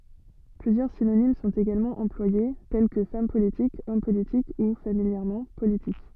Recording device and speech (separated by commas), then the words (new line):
soft in-ear microphone, read sentence
Plusieurs synonymes sont également employés, tels que femme politique, homme politique ou, familièrement, politique.